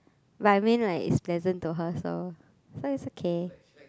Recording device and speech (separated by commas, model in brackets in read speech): close-talking microphone, conversation in the same room